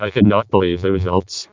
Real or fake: fake